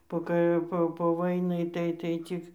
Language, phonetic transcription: Lithuanian, po ˈkai ˈpo po ˈvainai tai tai ˈcik

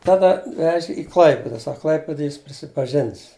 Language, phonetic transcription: Lithuanian, ˈtada ˈveži i ˈklaipida ˈsak ˈklaipidaj ˈjis prisipaˈžins

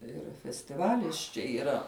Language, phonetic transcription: Lithuanian, ˈir festiˈvalis čia yˈra

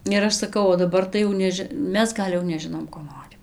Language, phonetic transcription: Lithuanian, ir ˈaš saˈkau o daˈbar tai jau ˈneži ˈmes ˈgal' jau neˈžinom ko ˈnorim

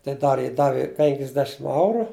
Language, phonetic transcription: Lithuanian, tai ˈdar ji ˈdavi ˈpenkisdešim ˈauru

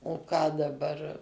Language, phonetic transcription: Lithuanian, o ˈką daˈbar

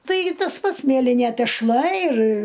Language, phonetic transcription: Lithuanian, ˈtaigi ˈtas ˈpats ˈmielinė tešˈla ir

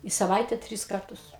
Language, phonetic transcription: Lithuanian, i saˈvaite ˈtris ˈkartus

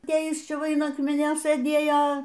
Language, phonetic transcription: Lithuanian, ˈtai ˈjis ˈčia ˈva in ˈakminio sɘˈdėjo

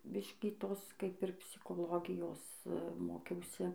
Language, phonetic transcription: Lithuanian, ˈbiškį ˈtos ˈkaip ir psikoˈlogijos ˈmokiausi

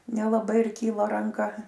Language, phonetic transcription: Lithuanian, nelaˈbai ir ˈkyla ranˈka

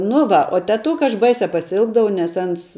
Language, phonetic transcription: Lithuanian, nu ˈva o teˈtuka aš ˈbaisia pasiˈilgdavau nes ˈans

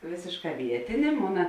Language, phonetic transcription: Lithuanian, ˈvėsėšˌkā ˈvietėnė ˈmona

